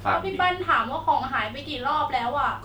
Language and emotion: Thai, frustrated